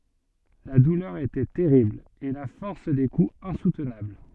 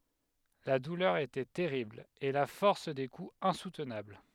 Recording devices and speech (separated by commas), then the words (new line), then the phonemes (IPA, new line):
soft in-ear microphone, headset microphone, read sentence
La douleur était terrible, et la force des coups insoutenable.
la dulœʁ etɛ tɛʁibl e la fɔʁs de kuz ɛ̃sutnabl